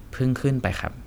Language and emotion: Thai, neutral